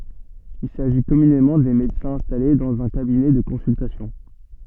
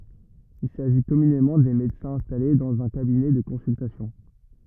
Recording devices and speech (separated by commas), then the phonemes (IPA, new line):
soft in-ear microphone, rigid in-ear microphone, read sentence
il saʒi kɔmynemɑ̃ de medəsɛ̃z ɛ̃stale dɑ̃z œ̃ kabinɛ də kɔ̃syltasjɔ̃